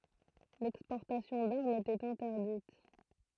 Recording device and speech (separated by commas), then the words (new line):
throat microphone, read sentence
L'exportation d'armes était interdite.